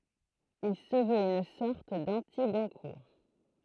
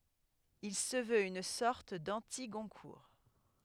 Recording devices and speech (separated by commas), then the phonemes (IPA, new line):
throat microphone, headset microphone, read sentence
il sə vøt yn sɔʁt dɑ̃tiɡɔ̃kuʁ